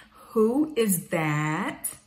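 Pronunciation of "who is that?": In the question 'Who is that?', the voice goes down.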